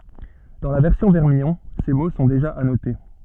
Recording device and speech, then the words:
soft in-ear microphone, read sentence
Dans la version vermillon; ces mots sont déjà annotés.

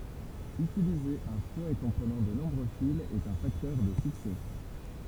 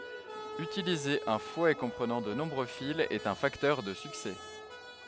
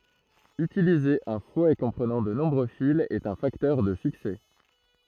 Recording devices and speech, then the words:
temple vibration pickup, headset microphone, throat microphone, read sentence
Utiliser un fouet comprenant de nombreux fils est un facteur de succès.

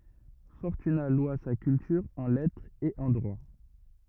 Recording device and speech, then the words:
rigid in-ear microphone, read sentence
Fortunat loua sa culture en lettre et en droit.

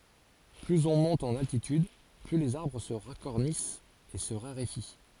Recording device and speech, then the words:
forehead accelerometer, read sentence
Plus on monte en altitude, plus les arbres se racornissent et se raréfient.

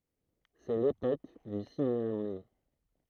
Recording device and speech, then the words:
throat microphone, read sentence
C'est l'époque du cinéma muet.

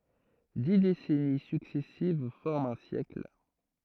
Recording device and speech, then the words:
throat microphone, read sentence
Dix décennies successives forment un siècle.

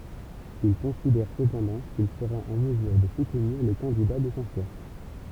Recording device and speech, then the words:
temple vibration pickup, read sentence
Il considère cependant qu'il sera en mesure de soutenir le candidat de son choix.

